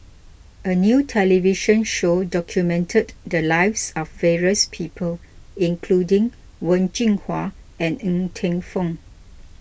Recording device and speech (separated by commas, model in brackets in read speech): boundary microphone (BM630), read sentence